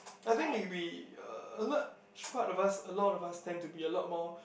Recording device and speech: boundary microphone, conversation in the same room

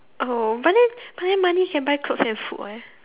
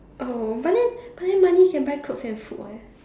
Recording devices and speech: telephone, standing microphone, conversation in separate rooms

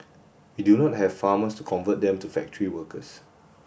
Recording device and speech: boundary microphone (BM630), read sentence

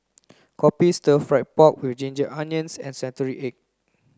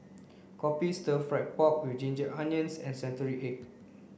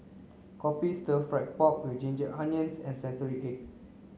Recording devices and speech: close-talking microphone (WH30), boundary microphone (BM630), mobile phone (Samsung C9), read sentence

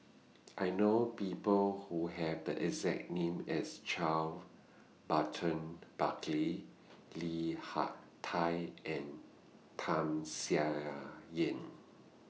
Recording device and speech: mobile phone (iPhone 6), read sentence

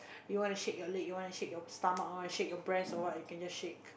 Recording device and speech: boundary microphone, conversation in the same room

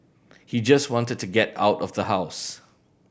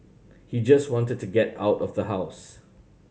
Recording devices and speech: boundary microphone (BM630), mobile phone (Samsung C7100), read sentence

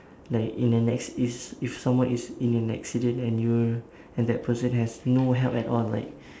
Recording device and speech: standing microphone, conversation in separate rooms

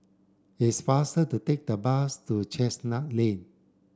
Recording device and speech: standing microphone (AKG C214), read sentence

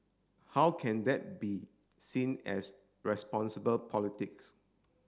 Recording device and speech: standing microphone (AKG C214), read sentence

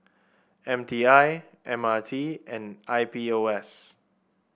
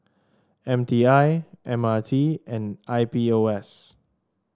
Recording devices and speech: boundary microphone (BM630), standing microphone (AKG C214), read sentence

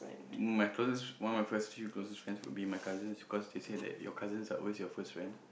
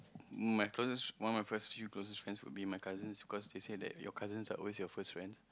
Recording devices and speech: boundary microphone, close-talking microphone, conversation in the same room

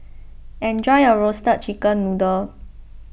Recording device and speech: boundary microphone (BM630), read sentence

